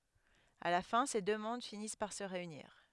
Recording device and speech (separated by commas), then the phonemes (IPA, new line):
headset microphone, read sentence
a la fɛ̃ se dø mɔ̃d finis paʁ sə ʁeyniʁ